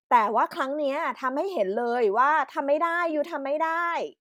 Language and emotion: Thai, frustrated